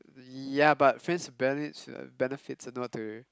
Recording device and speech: close-talking microphone, conversation in the same room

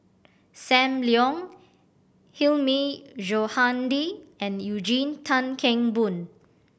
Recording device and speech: boundary microphone (BM630), read sentence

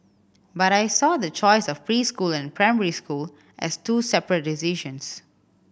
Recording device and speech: boundary microphone (BM630), read sentence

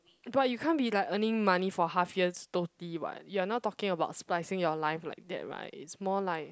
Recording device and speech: close-talking microphone, conversation in the same room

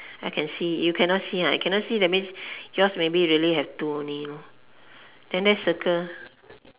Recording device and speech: telephone, conversation in separate rooms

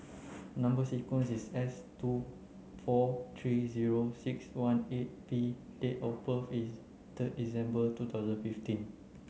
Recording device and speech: mobile phone (Samsung C9), read sentence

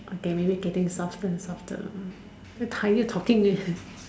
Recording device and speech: standing microphone, conversation in separate rooms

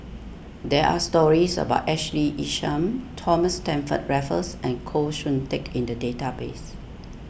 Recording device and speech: boundary microphone (BM630), read sentence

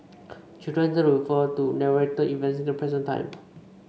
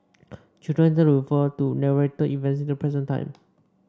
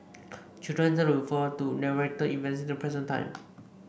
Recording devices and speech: mobile phone (Samsung C5), standing microphone (AKG C214), boundary microphone (BM630), read sentence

